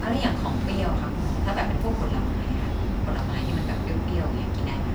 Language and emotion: Thai, neutral